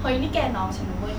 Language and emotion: Thai, angry